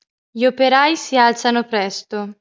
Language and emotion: Italian, neutral